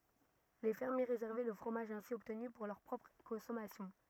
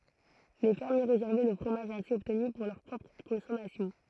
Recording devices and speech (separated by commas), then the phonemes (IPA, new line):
rigid in-ear microphone, throat microphone, read sentence
le fɛʁmje ʁezɛʁvɛ lə fʁomaʒ ɛ̃si ɔbtny puʁ lœʁ pʁɔpʁ kɔ̃sɔmasjɔ̃